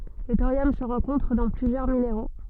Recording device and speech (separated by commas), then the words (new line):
soft in-ear microphone, read sentence
Le thorium se rencontre dans plusieurs minéraux.